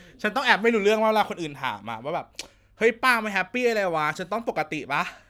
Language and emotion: Thai, happy